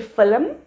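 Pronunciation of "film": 'Film' is pronounced incorrectly here.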